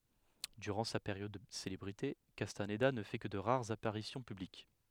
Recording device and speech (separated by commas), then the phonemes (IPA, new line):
headset microphone, read sentence
dyʁɑ̃ sa peʁjɔd də selebʁite kastanda nə fɛ kə də ʁaʁz apaʁisjɔ̃ pyblik